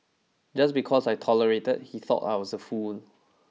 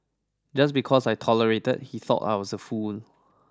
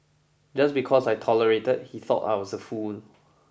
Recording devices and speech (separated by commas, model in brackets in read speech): mobile phone (iPhone 6), standing microphone (AKG C214), boundary microphone (BM630), read sentence